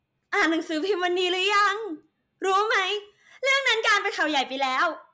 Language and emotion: Thai, happy